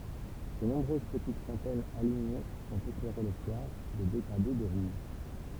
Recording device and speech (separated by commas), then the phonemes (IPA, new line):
temple vibration pickup, read sentence
le nɔ̃bʁøz pətit fɔ̃tɛnz aliɲe sɔ̃t eklɛʁe lə swaʁ də deɡʁade də ʁuʒ